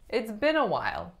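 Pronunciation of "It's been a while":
In 'It's been a while', the main stress falls on 'been'.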